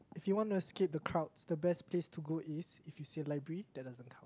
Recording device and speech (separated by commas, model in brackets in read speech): close-talking microphone, conversation in the same room